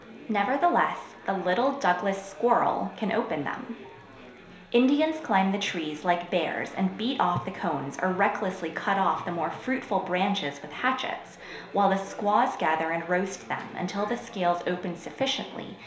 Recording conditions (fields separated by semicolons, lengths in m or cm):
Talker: one person; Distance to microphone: 1.0 m; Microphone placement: close; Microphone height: 1.1 m; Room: small (3.7 m by 2.7 m); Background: babble